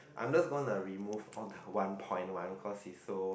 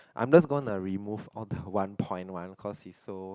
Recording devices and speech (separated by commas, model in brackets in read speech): boundary microphone, close-talking microphone, conversation in the same room